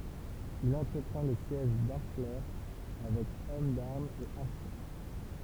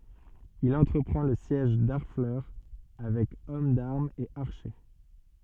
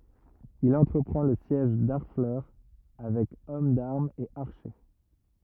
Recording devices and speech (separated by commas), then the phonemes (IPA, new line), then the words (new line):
temple vibration pickup, soft in-ear microphone, rigid in-ear microphone, read sentence
il ɑ̃tʁəpʁɑ̃ lə sjɛʒ daʁflœʁ avɛk ɔm daʁmz e aʁʃe
Il entreprend le siège d'Harfleur avec hommes d'armes et archers.